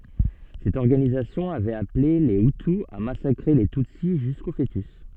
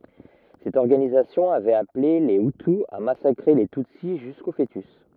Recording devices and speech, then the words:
soft in-ear microphone, rigid in-ear microphone, read sentence
Cette organisation avait appelée les hutu à massacrer les tutsi jusqu'aux fœtus.

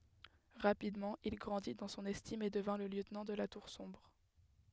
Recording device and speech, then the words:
headset microphone, read sentence
Rapidement, il grandit dans son estime et devint le lieutenant de la Tour Sombre.

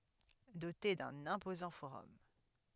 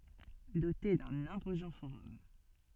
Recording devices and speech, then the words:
headset microphone, soft in-ear microphone, read sentence
Dotée d'un imposant forum.

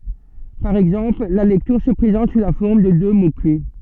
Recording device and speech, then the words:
soft in-ear microphone, read sentence
Par exemple, la lecture se présente sous la forme de deux mots-clefs.

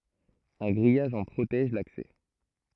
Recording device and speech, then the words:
throat microphone, read sentence
Un grillage en protège l'accès.

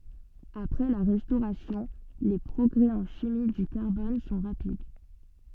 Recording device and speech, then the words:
soft in-ear microphone, read sentence
Après la Restauration, les progrès en chimie du carbone sont rapides.

